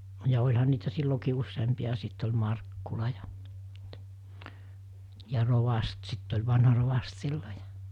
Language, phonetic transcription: Finnish, ja oĺhan niitä 'sillokii 'usseempia ‿a 'sit oĺ 'Markkula jᴀ , ja 'rovast 'sitt ‿oĺ 'vanha rovast 'sillo ᴊᴀ ,.
- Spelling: ja olihan niitä silloinkin useampia ja sitten oli Markkula ja ja rovasti sitten oli vanha rovasti silloin ja

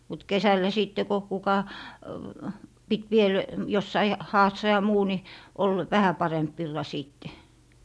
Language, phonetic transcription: Finnish, mut "kesällä 'sìtte ko kuka , 'pit viel , 'jossai , 'haassa ja 'muu ni , ol "vähä 'paremp 'villa 'sìtte .
- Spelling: mutta kesällä sitten kun kuka piti vielä jossakin haassa ja muu niin oli vähän parempi villa sitten

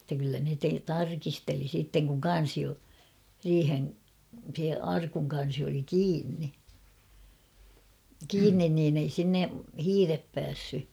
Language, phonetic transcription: Finnish, [et]tä kyllä ne te- 'tarkisteli siitteŋ kuŋ "kan̬si , 'riiheŋ- se 'arkuŋ kan̬si oli "kiinni , 'kiinnin niin ‿ei 'sinne , "hiirep 'päässy .
- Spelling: että kyllä ne - tarkisteli sitten kun kansi - se arkun kansi oli kiinni kiinni niin ei sinne hiiret päässyt

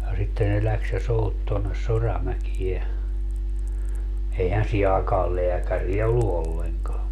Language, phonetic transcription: Finnish, ja 'sitte ne 'läks ja "sout tonnes 'Soramäkie , - 'eihän 'sii aakaal "leäkäriä ollu 'olleŋkaa .
- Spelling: ja sitten ne lähti ja souti tuonne Soramäkeen eihän siihen aikaan lääkäriä ollut ollenkaan

